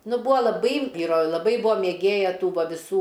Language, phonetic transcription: Lithuanian, ˈnu ˈbūa laˈbai ˈvyro laˈbai ˈbuvo mėˈgėja ˈtų ˈva viˈsų

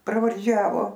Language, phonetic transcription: Lithuanian, pravarˈdžiavo

